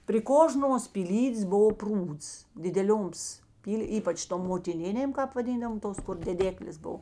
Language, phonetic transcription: Lithuanian, pri ˈkožnuos pyˈlydės ˈbovo ˈprūds dideˈlioms ˈpyl' ˈypač tom motiˈninėm ˈkāp vaˈdyndavom ˈtos kur deˈdeklės ˈbov

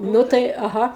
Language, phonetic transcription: Lithuanian, ˈnu tai aˈha

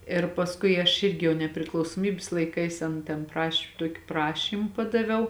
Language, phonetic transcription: Lithuanian, ir pasˈkui aš ˈirgi jau nepriklausoˈmybis laiˈkais ˈan ten ˈpraš' ˈtuoki ˈprašym ˈpadaviau

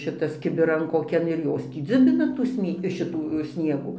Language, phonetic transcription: Lithuanian, ˈšitas kibiˈran koˈkian ir ˈjos tį ˈdziubina tų ˈsnie ˈšitų ˈsniegų

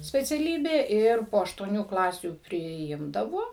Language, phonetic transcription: Lithuanian, speciaˈlybė ˈir po aštuoˈnių ˈklasių priˈimdavo

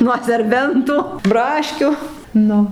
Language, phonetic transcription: Lithuanian, nuo serˈbentu ˈbraškiu ˈnu

